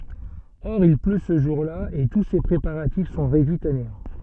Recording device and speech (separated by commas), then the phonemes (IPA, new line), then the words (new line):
soft in-ear microphone, read sentence
ɔʁ il plø sə ʒuʁla e tu se pʁepaʁatif sɔ̃ ʁedyiz a neɑ̃
Or il pleut ce jour-là et tous ses préparatifs sont réduits à néant.